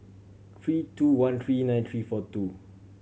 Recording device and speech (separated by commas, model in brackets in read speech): mobile phone (Samsung C7100), read sentence